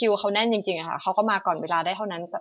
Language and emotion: Thai, frustrated